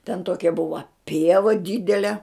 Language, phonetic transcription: Lithuanian, ten ˈtokia ˈbuva ˈpieva ˈdidele

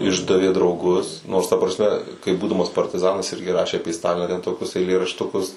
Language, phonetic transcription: Lithuanian, ˈišdavė drauˈgus nors ta prasˈme kai ˈbūdamas partiˈzanas ˈirgi ˈrašė aˈpė ˈstaliną ten toˈkius eilėraštuˈkus

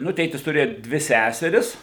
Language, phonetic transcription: Lithuanian, ˈnu ˈtėtis tuˈrėju ˈdvi ˈsæseris

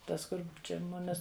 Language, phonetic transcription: Lithuanian, ˈtas ˈkur ˈčia ˈmumis

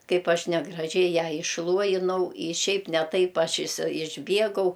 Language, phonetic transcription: Lithuanian, ˈkaip ˈaš negraˈžiai ˈją išˈluojinau i ˈšiaip ne ˈtaip ˈaš isi išˈbiegau

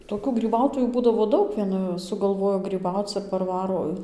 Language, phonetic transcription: Lithuanian, toˈkių gryˈbautojų ˈbūdavo ˈdaug ˈviena sugalˈvojo gryˈbauc ir parˈvaro

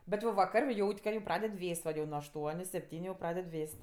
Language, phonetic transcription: Lithuanian, bet jau vaˈkar' ˈjaut' ka jau ˈpraded ˈvės't' va jau nuo ašˈtuoniu sepˈtyniu jau ˈpraded ˈvės't'

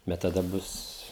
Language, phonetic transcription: Lithuanian, bet taˈda ˈbus

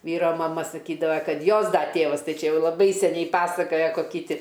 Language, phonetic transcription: Lithuanian, ˈvyro maˈma saˈkydava ˈkad ˈjos ˈda ˈtėvas ˈtai ˈčia ˈjau laˈbai seˈniai ˈpasakoja koˈky ˈti

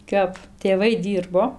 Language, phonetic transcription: Lithuanian, ˈkap tėˈvai ˈdyrbo

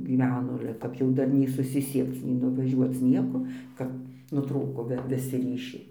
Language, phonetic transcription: Lithuanian, gyˈveno ˈale kap jau ˈdar nei susiˈsiekc nei nuvaˈžiuoc ˈnieko ˈkap nuˈtrūko viˈsi ˈryšiai

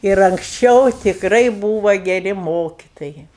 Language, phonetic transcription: Lithuanian, ir anksˈčiau tikˈrai ˈbūva geˈri ˈmokitojai

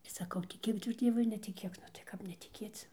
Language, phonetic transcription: Lithuanian, saˈkau tiˈkėk tu ˈdzievui ar netiˈkėk nu tai ˈkap netiˈkėc

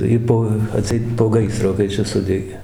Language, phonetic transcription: Lithuanian, ˈjy po aˈtseit po ˈgaisro kai ˈčia ˈsudegė

